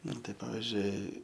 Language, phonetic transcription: Lithuanian, ˈnu tai ˈpavizdžiui

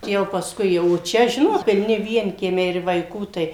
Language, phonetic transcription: Lithuanian, jau pasˈkui jau o ˈčia ˈžinot pilˈni ˈvienkiemiai ir vaiˈkų tai

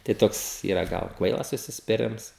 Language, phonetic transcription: Lithuanian, tai ˈtoks ˈyra ˈgal ˈkvailas užsispiˈrims

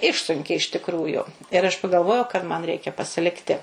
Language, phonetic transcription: Lithuanian, ˈišsunkė iš tikˈrųju ir aš pagalˈvojau kad man ˈreikia pasiˈlikti

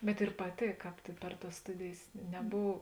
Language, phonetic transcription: Lithuanian, bet ir paˈtėk ˈkāp ti per tas ˈstudėjės neˈbov

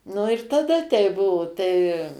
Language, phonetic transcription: Lithuanian, nu ir taˈda tei ˈbuvo tai

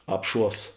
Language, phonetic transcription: Lithuanian, ˈapˌšuos

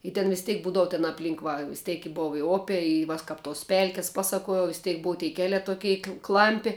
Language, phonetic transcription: Lithuanian, i ten vis ˈtėk ˈbūdavu ten apˈlynk ˈva vis ˈtėk i ˈbov i ˈopė i ˈva s ˈkap tos ˈpelkis ˈpaˌsakuojau vis ˈtėk ˈbou tei ˈkeliā toˈkei ˈklampi

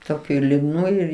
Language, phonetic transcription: Lithuanian, toˈkių ir liudˈnų ir

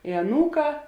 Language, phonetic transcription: Lithuanian, i aˈnūˌkā

